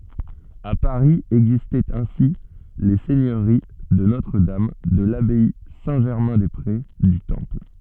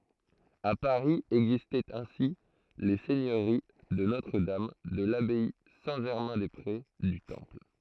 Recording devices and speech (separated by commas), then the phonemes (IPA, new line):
soft in-ear microphone, throat microphone, read sentence
a paʁi ɛɡzistɛt ɛ̃si le sɛɲøʁi də notʁədam də labaj sɛ̃tʒɛʁmɛ̃dɛspʁe dy tɑ̃pl